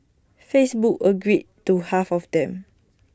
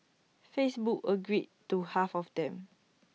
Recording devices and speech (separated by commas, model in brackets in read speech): standing microphone (AKG C214), mobile phone (iPhone 6), read sentence